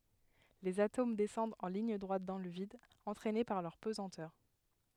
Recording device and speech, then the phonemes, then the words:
headset microphone, read sentence
lez atom dɛsɑ̃dt ɑ̃ liɲ dʁwat dɑ̃ lə vid ɑ̃tʁɛne paʁ lœʁ pəzɑ̃tœʁ
Les atomes descendent en ligne droite dans le vide, entraînés par leur pesanteur.

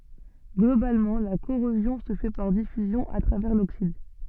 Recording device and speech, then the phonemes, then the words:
soft in-ear microphone, read sentence
ɡlobalmɑ̃ la koʁozjɔ̃ sə fɛ paʁ difyzjɔ̃ a tʁavɛʁ loksid
Globalement, la corrosion se fait par diffusion à travers l'oxyde.

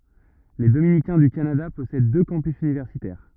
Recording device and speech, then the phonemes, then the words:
rigid in-ear microphone, read sentence
le dominikɛ̃ dy kanada pɔsɛd dø kɑ̃pys ynivɛʁsitɛʁ
Les dominicains du Canada possèdent deux campus universitaires.

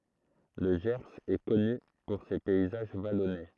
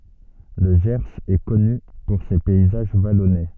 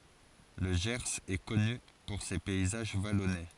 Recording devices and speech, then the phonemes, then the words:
throat microphone, soft in-ear microphone, forehead accelerometer, read sentence
lə ʒɛʁz ɛ kɔny puʁ se pɛizaʒ valɔne
Le Gers est connu pour ses paysages vallonnés.

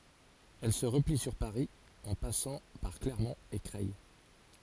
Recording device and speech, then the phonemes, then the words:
forehead accelerometer, read sentence
ɛl sə ʁəpli syʁ paʁi ɑ̃ pasɑ̃ paʁ klɛʁmɔ̃t e kʁɛj
Elle se replie sur Paris en passant par Clermont et Creil.

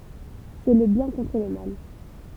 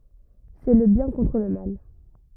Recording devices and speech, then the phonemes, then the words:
temple vibration pickup, rigid in-ear microphone, read sentence
sɛ lə bjɛ̃ kɔ̃tʁ lə mal
C'est le bien contre le mal.

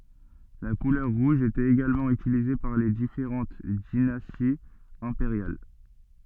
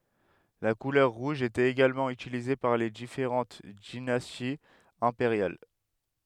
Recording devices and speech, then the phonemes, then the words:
soft in-ear microphone, headset microphone, read sentence
la kulœʁ ʁuʒ etɛt eɡalmɑ̃ ytilize paʁ le difeʁɑ̃t dinastiz ɛ̃peʁjal
La couleur rouge était également utilisée par les différentes dynasties impériales.

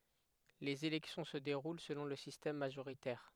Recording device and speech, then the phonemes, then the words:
headset microphone, read sentence
lez elɛksjɔ̃ sə deʁul səlɔ̃ lə sistɛm maʒoʁitɛʁ
Les élections se déroulent selon le système majoritaire.

